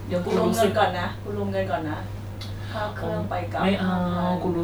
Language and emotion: Thai, neutral